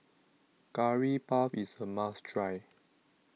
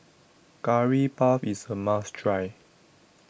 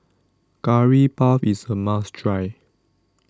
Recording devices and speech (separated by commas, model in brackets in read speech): mobile phone (iPhone 6), boundary microphone (BM630), standing microphone (AKG C214), read sentence